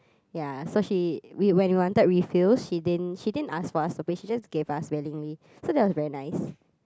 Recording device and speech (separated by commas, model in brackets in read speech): close-talking microphone, conversation in the same room